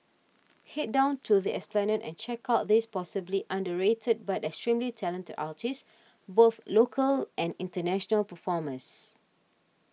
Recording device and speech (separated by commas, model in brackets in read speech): mobile phone (iPhone 6), read sentence